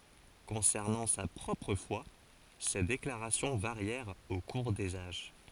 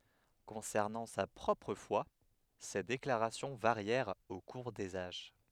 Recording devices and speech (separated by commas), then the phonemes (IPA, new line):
forehead accelerometer, headset microphone, read sentence
kɔ̃sɛʁnɑ̃ sa pʁɔpʁ fwa se deklaʁasjɔ̃ vaʁjɛʁt o kuʁ dez aʒ